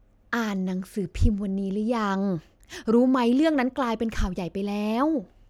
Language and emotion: Thai, frustrated